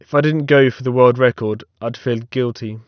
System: none